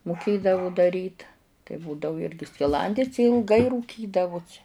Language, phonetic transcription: Lithuanian, muˈkėdavu daˈryt tai ˈbūdavu ˈirgi skiˈlandis i ilˈgai rūˈkydavusi

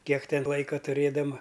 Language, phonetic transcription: Lithuanian, ˈkiek ˈten ˈlaika tuˈrėdama

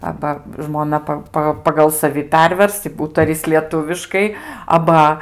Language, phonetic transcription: Lithuanian, ˈaba žmoˈna pa ˈpa pagal saˈvi ˈpervers i ˈūtaris lieˈtuviškai aˈba

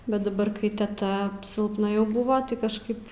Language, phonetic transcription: Lithuanian, bet daˈbar kai teˈta silpˈna jau ˈbuvo tai kažˈkaip

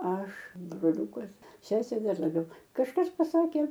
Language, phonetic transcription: Lithuanian, ˈaš broˈliūkas ˈsesė ˈdar laˈbiau kažˈkas paˈsakė

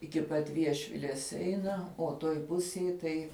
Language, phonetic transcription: Lithuanian, iki ˈpat ˈviešvilės ˈeina o ˈtoj ˈpusėj tai

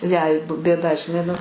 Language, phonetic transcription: Lithuanian, jai b bėˈda žiˈnai nu

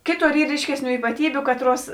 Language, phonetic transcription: Lithuanian, ˈkėˌtor ˈyr ˈryškesˌnių ypaˈtybiu ˈkatˌruos

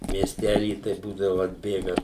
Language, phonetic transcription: Lithuanian, miesˈtæly tai ˈbūdavu atˈbėga

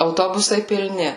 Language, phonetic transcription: Lithuanian, auˈtobusai pilˈni

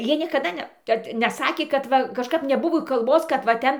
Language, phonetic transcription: Lithuanian, ˈjie niekaˈda ˈne kad neˈsakė kad ˈva kažˈkap neˈbuvo kalˈbos kad va ˈten

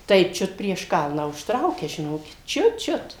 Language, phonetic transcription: Lithuanian, tai ˈčiut prieš ˈkalną užtˈraukia žiˈnokit ˈčiut ˈčiut

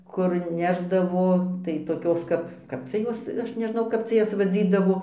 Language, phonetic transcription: Lithuanian, kur ˈnešdavo tai toˈkios ˈkap ˈkap cia ˈjos ˈaš neˈžnau ˈkap cia ˈjas vaˈdzydavo

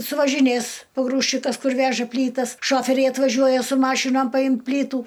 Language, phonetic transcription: Lithuanian, suvažiˈnės poˈgrūžčikas ˈkur ˈveža ˈplytas ˈšoferiai atvaˈžiuoja su ˈmašinom paˈjim ˈplytų

